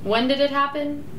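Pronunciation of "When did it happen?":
'When did it happen?' is said as a question with a falling intonation.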